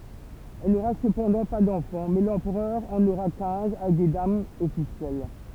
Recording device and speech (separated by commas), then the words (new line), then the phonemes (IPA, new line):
temple vibration pickup, read sentence
Elle n'aura cependant pas d'enfants, mais l'empereur en aura quinze avec des dames officielles.
ɛl noʁa səpɑ̃dɑ̃ pa dɑ̃fɑ̃ mɛ lɑ̃pʁœʁ ɑ̃n oʁa kɛ̃z avɛk de damz ɔfisjɛl